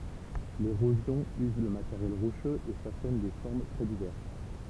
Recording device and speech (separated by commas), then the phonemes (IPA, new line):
temple vibration pickup, read sentence
leʁozjɔ̃ yz lə mateʁjɛl ʁoʃøz e fasɔn de fɔʁm tʁɛ divɛʁs